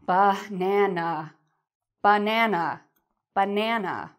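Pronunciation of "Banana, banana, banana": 'Banana' is said in an annoyed or angry tone, with more force and a falling voice.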